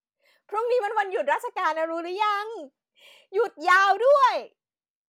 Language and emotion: Thai, happy